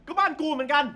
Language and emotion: Thai, angry